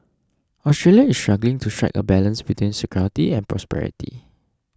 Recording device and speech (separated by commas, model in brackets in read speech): standing microphone (AKG C214), read sentence